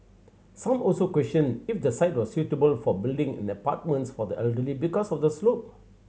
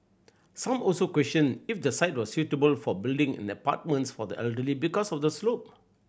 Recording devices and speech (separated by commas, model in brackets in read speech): mobile phone (Samsung C7100), boundary microphone (BM630), read sentence